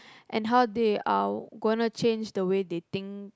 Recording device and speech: close-talking microphone, conversation in the same room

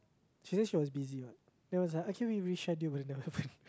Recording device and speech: close-talking microphone, conversation in the same room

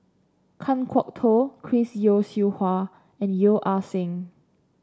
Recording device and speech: standing microphone (AKG C214), read sentence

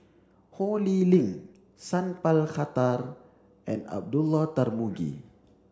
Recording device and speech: standing microphone (AKG C214), read sentence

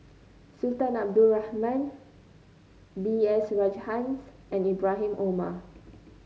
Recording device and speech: mobile phone (Samsung C9), read sentence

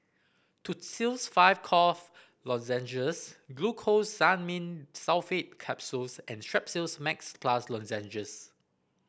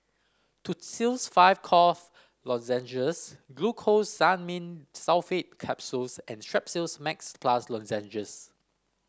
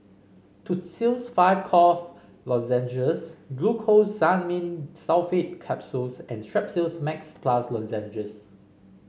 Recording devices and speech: boundary microphone (BM630), standing microphone (AKG C214), mobile phone (Samsung C5), read sentence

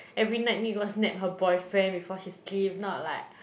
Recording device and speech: boundary microphone, conversation in the same room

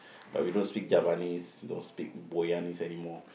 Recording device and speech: boundary microphone, conversation in the same room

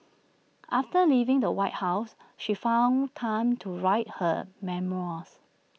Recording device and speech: mobile phone (iPhone 6), read sentence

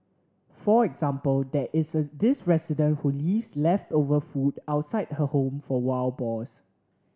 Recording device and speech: standing microphone (AKG C214), read sentence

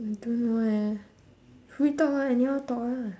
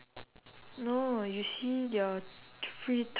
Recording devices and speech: standing microphone, telephone, conversation in separate rooms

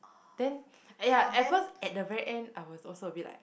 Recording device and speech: boundary microphone, conversation in the same room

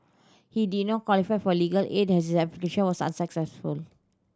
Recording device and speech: standing microphone (AKG C214), read sentence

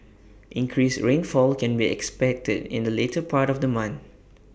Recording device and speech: boundary microphone (BM630), read sentence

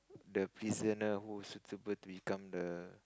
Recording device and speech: close-talking microphone, conversation in the same room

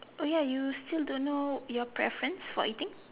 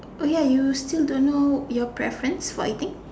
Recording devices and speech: telephone, standing microphone, conversation in separate rooms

